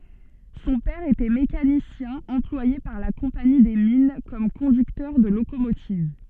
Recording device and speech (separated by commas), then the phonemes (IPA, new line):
soft in-ear microphone, read sentence
sɔ̃ pɛʁ etɛ mekanisjɛ̃ ɑ̃plwaje paʁ la kɔ̃pani de min kɔm kɔ̃dyktœʁ də lokomotiv